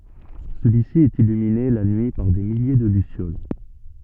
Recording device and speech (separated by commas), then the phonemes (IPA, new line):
soft in-ear microphone, read sentence
səlyi si ɛt ilymine la nyi paʁ de milje də lysjol